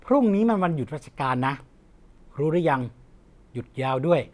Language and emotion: Thai, neutral